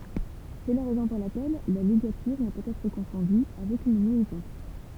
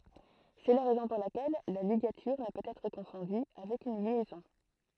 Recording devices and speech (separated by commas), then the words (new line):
temple vibration pickup, throat microphone, read sentence
C'est la raison pour laquelle la ligature ne peut être confondue avec une liaison.